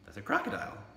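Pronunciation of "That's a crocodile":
'That's a crocodile' is said with an intonation that expresses surprise.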